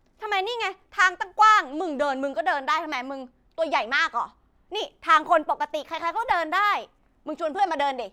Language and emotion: Thai, angry